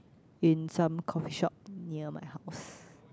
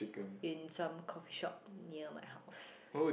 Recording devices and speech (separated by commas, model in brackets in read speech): close-talking microphone, boundary microphone, conversation in the same room